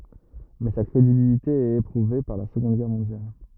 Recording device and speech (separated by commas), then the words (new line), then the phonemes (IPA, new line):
rigid in-ear microphone, read sentence
Mais sa crédibilité est éprouvée par la Seconde Guerre mondiale.
mɛ sa kʁedibilite ɛt epʁuve paʁ la səɡɔ̃d ɡɛʁ mɔ̃djal